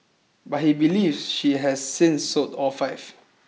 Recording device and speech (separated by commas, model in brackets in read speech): mobile phone (iPhone 6), read sentence